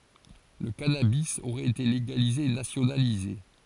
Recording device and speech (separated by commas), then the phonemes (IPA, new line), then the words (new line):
forehead accelerometer, read sentence
lə kanabi oʁɛt ete leɡalize e nasjonalize
Le cannabis aurait été légalisé et nationalisé.